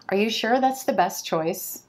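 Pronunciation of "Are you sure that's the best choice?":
In 'best choice', the t at the end of 'best' drops out.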